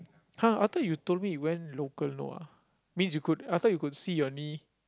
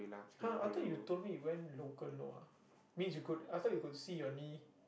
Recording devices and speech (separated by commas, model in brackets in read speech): close-talking microphone, boundary microphone, conversation in the same room